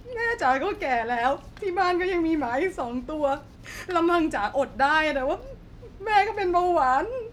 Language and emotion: Thai, sad